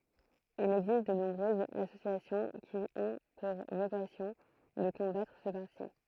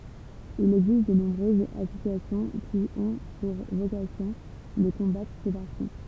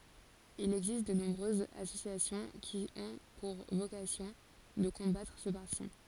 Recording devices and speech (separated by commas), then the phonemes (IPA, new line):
throat microphone, temple vibration pickup, forehead accelerometer, read sentence
il ɛɡzist də nɔ̃bʁøzz asosjasjɔ̃ ki ɔ̃ puʁ vokasjɔ̃ də kɔ̃batʁ sə paʁti